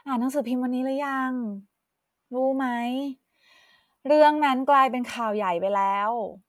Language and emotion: Thai, frustrated